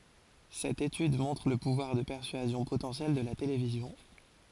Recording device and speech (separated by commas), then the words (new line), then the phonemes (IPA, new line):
forehead accelerometer, read sentence
Cette étude montre le pouvoir de persuasion potentiel de la télévision.
sɛt etyd mɔ̃tʁ lə puvwaʁ də pɛʁsyazjɔ̃ potɑ̃sjɛl də la televizjɔ̃